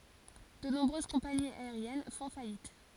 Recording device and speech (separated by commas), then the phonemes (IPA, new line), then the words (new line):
forehead accelerometer, read sentence
də nɔ̃bʁøz kɔ̃paniz aeʁjɛn fɔ̃ fajit
De nombreuses compagnies aériennes font faillite.